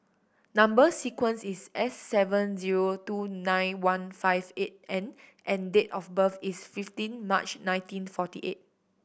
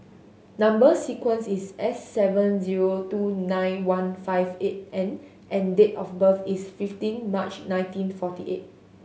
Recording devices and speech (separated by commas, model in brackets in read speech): boundary microphone (BM630), mobile phone (Samsung S8), read sentence